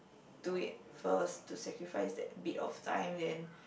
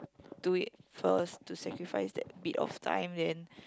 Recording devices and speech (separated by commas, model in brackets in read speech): boundary microphone, close-talking microphone, conversation in the same room